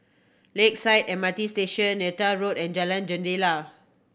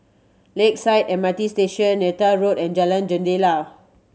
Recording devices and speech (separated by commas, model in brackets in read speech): boundary microphone (BM630), mobile phone (Samsung C7100), read sentence